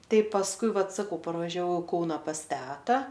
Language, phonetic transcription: Lithuanian, ˈtai pasˈkui ˈvat saˈkau parvažiaˈvau i ˈkauna pas ˈteta

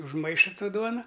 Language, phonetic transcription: Lithuanian, užˈmaiša ˈto ˈduona

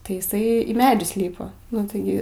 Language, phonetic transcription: Lithuanian, tai iˈsai į ˈmedžius ˈlypa nu taiˈgi

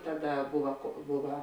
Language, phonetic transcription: Lithuanian, ˈtaˌda ˈbuva ko ˈbuva

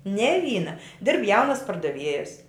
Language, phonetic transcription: Lithuanian, ne ˈvyna ˈdirb ˈjaunas pardaˈviejas

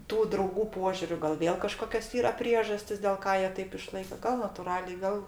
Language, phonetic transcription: Lithuanian, ˈtų drauˈgų ˈpožiūriu ˈgal ˈvėl kaˈžkokios ˈyra ˈpriežastis dėl ˈką ˈjie ˈtaip iˈšlaika gal natuˈraliai ˈgal

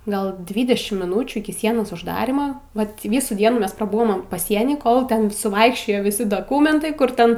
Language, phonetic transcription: Lithuanian, ˈgal ˈdvydešimt miˈnūčių iki ˈsienos užˈdarima ˈvat ˈvysų ˈdienų ˈmes praˈbuvom paˈsieny ˈkol ˈten suˈvaikščiojo viˈsi doˈkumentai ˈkur ˈten

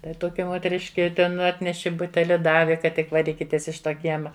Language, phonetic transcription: Lithuanian, ˈtai toˈkia moteˈriški ˈten ˈatneši ˈbuteli ˈdavi kad ˈtik vaˈrykitės iš ˈto ˈkiema

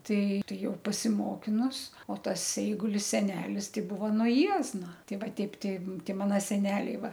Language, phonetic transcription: Lithuanian, ˈtai ˈtai ˈjau pasiˈmokinus o ˈtas ˈeigulis seˈnelis ˈtai ˈbuva nuo ˈjiezna ˈtei ˈva ˈteip ˈtai ˈtei ˈmano seˈneliai ˈva

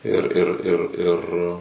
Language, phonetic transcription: Lithuanian, ir ir ir ir

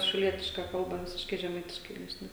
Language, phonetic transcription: Lithuanian, šiauˈlietiška ˈkalba ˈvisiškai žeˈmaitiškai ˈnešne

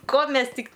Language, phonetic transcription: Lithuanian, ˈko ˈmes ˈtik

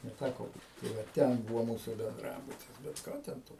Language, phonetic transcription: Lithuanian, neˈtæko ˈbūt tai ˈva ˈten ˈbuvo ˈmūsų benˈdrabutis bet ˈką ten ˈto

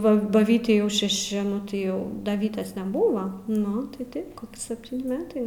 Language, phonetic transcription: Lithuanian, ˈva ba ˈvytei jau šeˈši ˈnu tai ˈjau da ˈvytės neˈbuva ˈnu tai ˈtaip ˈkoki sepˈtyni ˈmetai

